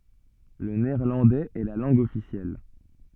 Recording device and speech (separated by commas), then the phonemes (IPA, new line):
soft in-ear microphone, read sentence
lə neɛʁlɑ̃dɛz ɛ la lɑ̃ɡ ɔfisjɛl